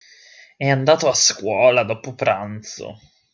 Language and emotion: Italian, disgusted